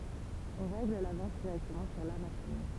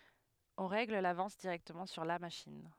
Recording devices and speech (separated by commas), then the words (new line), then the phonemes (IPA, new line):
temple vibration pickup, headset microphone, read sentence
On règle l'avance directement sur la machine.
ɔ̃ ʁɛɡl lavɑ̃s diʁɛktəmɑ̃ syʁ la maʃin